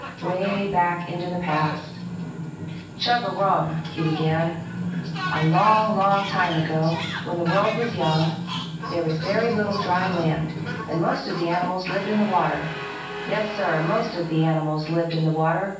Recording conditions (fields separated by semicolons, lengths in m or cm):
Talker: one person; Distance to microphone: 9.8 m; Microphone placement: far; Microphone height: 1.8 m; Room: large; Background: television